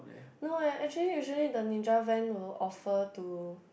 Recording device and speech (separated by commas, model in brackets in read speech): boundary microphone, conversation in the same room